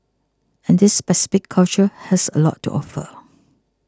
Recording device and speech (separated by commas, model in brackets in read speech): close-talking microphone (WH20), read sentence